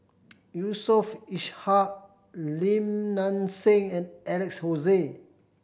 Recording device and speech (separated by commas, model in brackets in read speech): boundary microphone (BM630), read sentence